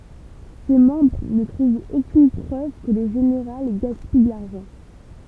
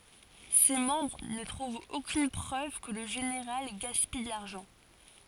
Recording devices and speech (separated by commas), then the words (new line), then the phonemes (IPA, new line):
temple vibration pickup, forehead accelerometer, read sentence
Ses membres ne trouvent aucune preuve que le général gaspille de l'argent.
se mɑ̃bʁ nə tʁuvt okyn pʁøv kə lə ʒeneʁal ɡaspij də laʁʒɑ̃